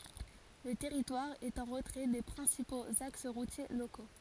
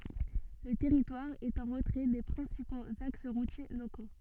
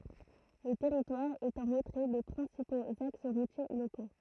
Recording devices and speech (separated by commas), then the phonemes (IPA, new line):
forehead accelerometer, soft in-ear microphone, throat microphone, read sentence
lə tɛʁitwaʁ ɛt ɑ̃ ʁətʁɛ de pʁɛ̃sipoz aks ʁutje loko